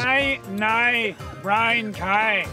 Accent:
Scottish accent